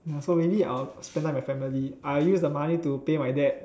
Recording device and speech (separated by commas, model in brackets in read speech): standing microphone, conversation in separate rooms